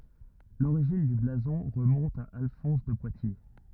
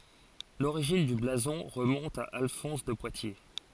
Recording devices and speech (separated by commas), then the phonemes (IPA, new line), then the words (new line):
rigid in-ear microphone, forehead accelerometer, read sentence
loʁiʒin dy blazɔ̃ ʁəmɔ̃t a alfɔ̃s də pwatje
L'origine du blason remonte à Alphonse de Poitiers.